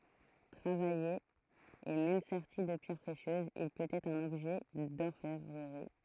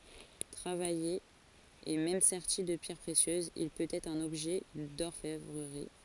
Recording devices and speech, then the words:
throat microphone, forehead accelerometer, read sentence
Travaillé et même serti de pierres précieuses, il peut être un objet d'orfèvrerie.

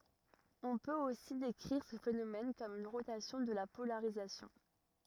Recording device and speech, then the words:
rigid in-ear microphone, read sentence
On peut aussi décrire ce phénomène comme une rotation de la polarisation.

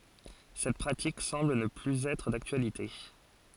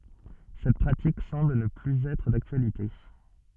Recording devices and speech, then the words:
forehead accelerometer, soft in-ear microphone, read sentence
Cette pratique semble ne plus être d'actualité.

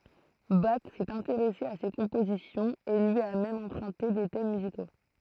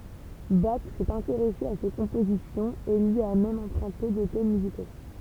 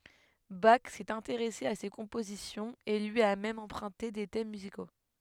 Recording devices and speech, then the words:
throat microphone, temple vibration pickup, headset microphone, read sentence
Bach s'est intéressé à ses compositions, et lui a même emprunté des thèmes musicaux.

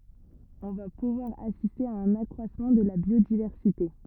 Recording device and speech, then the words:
rigid in-ear microphone, read sentence
On va pouvoir assister à un accroissement de la biodiversité.

